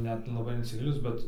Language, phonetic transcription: Lithuanian, ˈnet laˈbai insiˈgilinus ˈbet

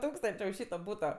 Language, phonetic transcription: Lithuanian, ˈtūkstančė už ˈšyto ˈbūto

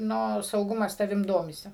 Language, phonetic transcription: Lithuanian, ˈnu sauˈgumas taˈvim ˈdomisi

